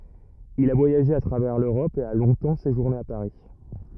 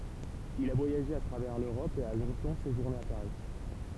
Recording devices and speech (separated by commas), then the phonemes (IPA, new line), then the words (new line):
rigid in-ear microphone, temple vibration pickup, read sentence
il a vwajaʒe a tʁavɛʁ løʁɔp e a lɔ̃tɑ̃ seʒuʁne a paʁi
Il a voyagé à travers l'Europe et a longtemps séjourné à Paris.